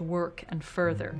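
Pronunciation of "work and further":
In 'work and further', the R sounds are kind of hard, as in a Minnesota accent.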